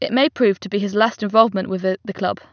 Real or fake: real